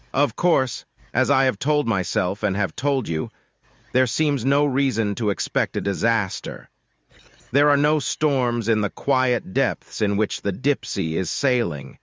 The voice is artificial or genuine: artificial